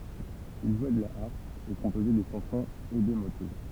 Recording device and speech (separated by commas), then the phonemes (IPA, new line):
temple vibration pickup, read sentence
il ʒwɛ də la aʁp e kɔ̃pozɛ de ʃɑ̃sɔ̃z e de motɛ